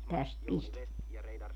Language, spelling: Finnish, tästä pistetään
- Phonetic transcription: 'täst 'piste(teä) .

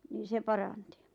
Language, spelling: Finnish, niin se paransi
- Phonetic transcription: niiⁿ 'se "paranti .

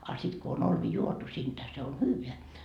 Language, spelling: Finnish, a sitten kun on olvi juotu siitä se on hyvää
- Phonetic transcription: a sit ko on 'olvi 'juotu siintä se on "hyyveä .

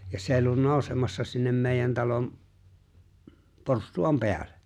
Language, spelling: Finnish, ja se ollut nousemassa sinne meidän talon porstuan päälle
- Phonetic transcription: ja sè ‿o͕llun 'nòusemassa sinnem 'mèijän talom , "porstu₍am "peäl̆lᴇ .

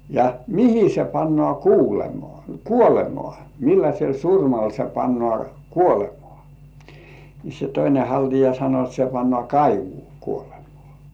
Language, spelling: Finnish, ja mihin se pannaan kuulemaan kuolemaan millaisella surmalla se pannaan kuolemaa niin se toinen haltia sanoi että se pannaan kaivoon kuolemaan
- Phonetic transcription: ja , » "mihi se pannŏà 'ku̳u̳§lemŏà , "kuolemŏà , 'milläśel "surmal se 'pannŏà "kuolemŏà « , ni se 'toine 'haltija sano et » se pannŏà "kaivuu 'kuolemᴏ̆ᴀ̀ « .

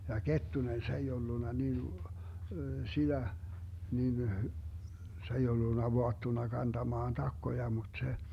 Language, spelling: Finnish, ja Kettunen se ei ollut niin sitä niin se ei ollut vaattuna kantamaan takkoja mutta se
- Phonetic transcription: ja "Kettunen 'se ei ollunna 'nin , 'siDä , 'nin , 'se ei ollunna 'voattuna 'kantamaan 'takkoja mut se ,.

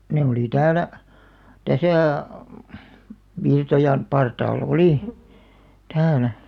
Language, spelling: Finnish, ne oli täällä tässä Virtojan partaalla oli täällä
- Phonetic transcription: 'ne oli "täälä , 'täsä̀ , 'Virtojan , 'partaal"l ‿olì , 'täälä .

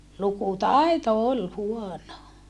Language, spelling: Finnish, lukutaito oli huono
- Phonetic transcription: lukutai̮to ol huono .

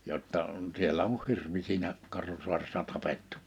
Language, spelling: Finnish, jotta siellä on hirvi siinä Karhusaaressa tapettu
- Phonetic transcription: jotta , 'sielä oh 'hirvi siinä , 'Karhusu̬aressa 'tapettᴜ .

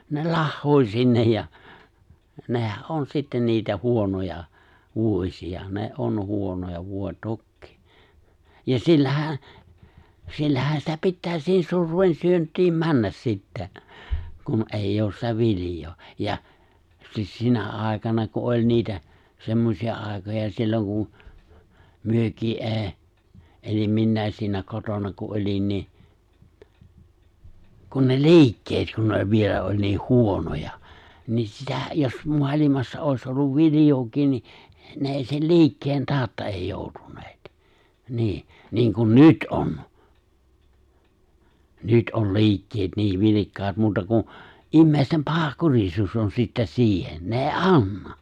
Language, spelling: Finnish, ne lahoaa sinne ja nehän on sitten niitä huonoja vuosia ne on huonoja voi tokiinsa ja sillähän sillähän sitä pitää siihen surveen syöntiin mennä sitten kun ei ole sitä viljaa ja - sinä aikana kun oli niitä semmoisia aikoja silloin kuin mekin - elin minäkin siinä kotona kun olin niin kun ne liikkeet kun ne oli vielä oli niin huonoja niin sitä jos maailmassa olisi ollut viljaakin niin ne ei sen liikkeen tautta ei joutuneet niin niin kuin nyt on nyt on liikkeet niin vilkkaat muuta kuin ihmisten pahankurisuus on sitten siihen ne ei anna
- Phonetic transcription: ne 'lahhoo(i̬l) sinnej ja , 'nehä’ '’on sittä niitä 'huonoja , 'vuo͕śia , ne '’on 'huonoja 'vòe "tokkii , ja 'sillähä , 'sillähä sitä 'pittää siihis 'surv̀een 'syönt̀iim 'männäs sittä , kun 'èij'j ‿oos sitä 'vilⁱjoo , ja’ , sis- 'sinä ài̬kana ku 'oĺ niitä , 'semmosi₍a ài̬koja silloŋ kun̬ , 'myökii '’e̬e̬- , ’elim 'minnä̀is siinä 'kotona ku '’oĺin nii , kun ne "li̬ikket kun ne oĺ 'vielä oĺ niih 'huonoja , nii 'sitä , jos 'mo̭alimassa 'òis olluv 'vilⁱjookiin ni , 'ne èi sen "li̬ikkeen 'taaᵒtta èi 'jòu̬tuǹeet , 'ni̬iʰ , niiŋkun "nyt 'on , 'nyt '’on̬ "li̬ikkeet niiv 'vilikkaat , muuta kun̬ , '’immèi̬stem 'paha'kurisuus on sitte̬ 'siihen , 'ne è̬i̬ "’anna .

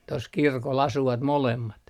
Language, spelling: Finnish, tuossa kirkolla asuvat molemmat
- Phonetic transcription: tos "kirkol 'asuvat 'molemmat .

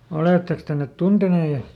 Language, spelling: Finnish, olettekos te ne tunteneet -
- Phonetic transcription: ˈolètteks te net ˈtuntenè (en-) ?

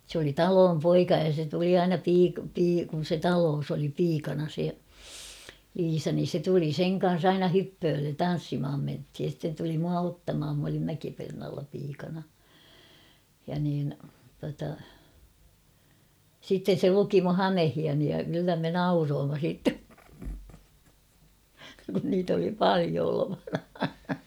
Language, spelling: Finnish, se oli talon poika ja se tuli aina - - kun se talossa oli piikana se Liisa niin se tuli sen kanssa aina hyppöölle tanssimaan mentiin ja sitten tuli minua ottamaan minä olin Mäkipernaalla piikana ja niin tuota sitten se luki minun hameitani ja kyllä me nauroimme sitten kun niitä oli paljon olevana
- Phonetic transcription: s ‿oli "taloom 'poika ja se tuli 'aina piik- pii- kun̬ se "taloos ‿oli 'piikana se , 'Liisa nin̬ se tuli "seŋ kan̬s "aina 'hyppööllen "tan̬ssimʰam menthij ja sⁱtten tuli mua 'ottamham m ‿olim 'Mäkipernaalla piikana , ja niin , tuata , sitten se 'luki mu "hamehiani ja kyllä me "nauroomma sìtte , kun niit ‿oli "palio olovana .

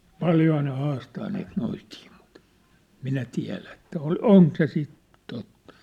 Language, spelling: Finnish, paljonhan ne haastaa niitä noitia mutta minä tiedä että - onko se sitten totta
- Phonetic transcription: paljohaa ne 'haastaa niit 'noitii mut , 'minä tiä̭lä ĕt̆tä 'ol- , "oŋk se sit , tottᴀ .

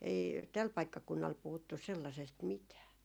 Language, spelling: Finnish, ei tällä paikkakunnalla puhuttu sellaisesta mitään
- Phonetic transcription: ei 'täl 'paikkakunnal 'puhuttus̆ 'sellasest "mitää .

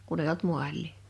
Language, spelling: Finnish, kun ei ollut maalia
- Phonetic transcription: 'kun ‿ei olt "mual̆lì .

